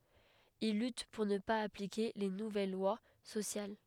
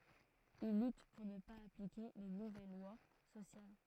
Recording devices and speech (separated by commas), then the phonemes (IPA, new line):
headset microphone, throat microphone, read sentence
il lyt puʁ nə paz aplike le nuvɛl lwa sosjal